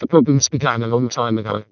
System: VC, vocoder